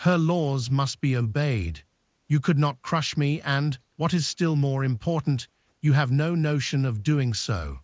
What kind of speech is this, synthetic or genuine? synthetic